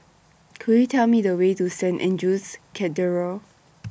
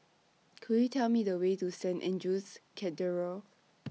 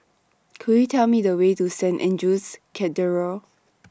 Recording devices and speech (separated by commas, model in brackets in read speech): boundary microphone (BM630), mobile phone (iPhone 6), standing microphone (AKG C214), read sentence